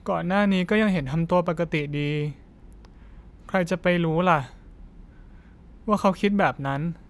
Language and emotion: Thai, sad